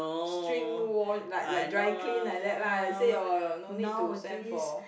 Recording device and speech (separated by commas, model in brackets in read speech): boundary microphone, conversation in the same room